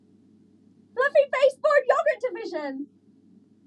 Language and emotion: English, surprised